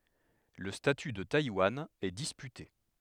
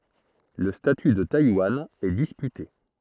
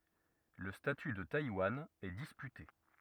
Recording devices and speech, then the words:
headset microphone, throat microphone, rigid in-ear microphone, read sentence
Le statut de Taïwan est disputé.

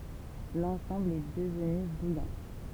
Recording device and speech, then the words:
temple vibration pickup, read sentence
L'ensemble est devenu Bouillante.

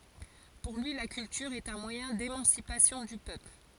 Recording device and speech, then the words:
forehead accelerometer, read sentence
Pour lui, la culture est un moyen d'émancipation du peuple.

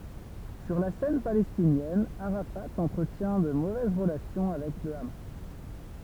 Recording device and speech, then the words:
temple vibration pickup, read sentence
Sur la scène palestinienne, Arafat entretient de mauvaises relations avec le Hamas.

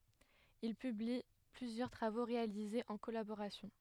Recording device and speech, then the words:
headset microphone, read sentence
Ils publient plusieurs travaux réalisés en collaboration.

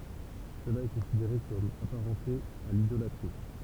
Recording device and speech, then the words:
temple vibration pickup, read sentence
Cela est considéré comme apparenté à l'idolâtrie.

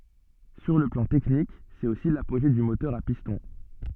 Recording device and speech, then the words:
soft in-ear microphone, read sentence
Sur le plan technique c'est aussi l'apogée du moteur à piston.

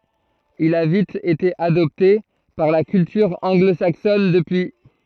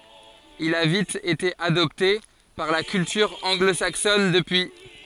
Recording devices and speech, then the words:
throat microphone, forehead accelerometer, read sentence
Il a vite été adopté par la culture anglo-saxonne depuis.

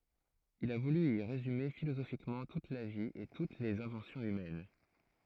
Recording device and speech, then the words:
throat microphone, read sentence
Il a voulu y résumer philosophiquement toute la vie et toutes les inventions humaines.

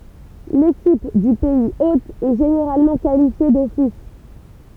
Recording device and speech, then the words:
temple vibration pickup, read sentence
L'équipe du pays hôte est généralement qualifiée d'office.

